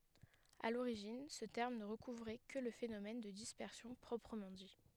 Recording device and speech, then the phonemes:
headset microphone, read sentence
a loʁiʒin sə tɛʁm nə ʁəkuvʁɛ kə lə fenomɛn də dispɛʁsjɔ̃ pʁɔpʁəmɑ̃ di

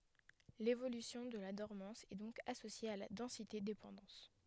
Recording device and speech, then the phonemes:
headset microphone, read sentence
levolysjɔ̃ də la dɔʁmɑ̃s ɛ dɔ̃k asosje a la dɑ̃sitedepɑ̃dɑ̃s

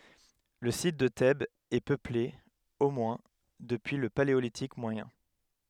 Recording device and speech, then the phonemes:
headset microphone, read sentence
lə sit də tɛbz ɛ pøple o mwɛ̃ dəpyi lə paleolitik mwajɛ̃

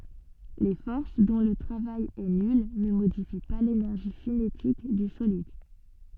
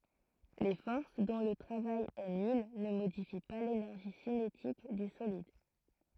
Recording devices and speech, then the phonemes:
soft in-ear microphone, throat microphone, read sentence
le fɔʁs dɔ̃ lə tʁavaj ɛ nyl nə modifi pa lenɛʁʒi sinetik dy solid

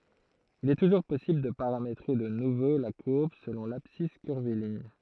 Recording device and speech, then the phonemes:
throat microphone, read sentence
il ɛ tuʒuʁ pɔsibl də paʁametʁe də nuvo la kuʁb səlɔ̃ labsis kyʁviliɲ

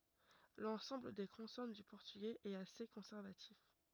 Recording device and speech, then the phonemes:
rigid in-ear microphone, read sentence
lɑ̃sɑ̃bl de kɔ̃sɔn dy pɔʁtyɡɛz ɛt ase kɔ̃sɛʁvatif

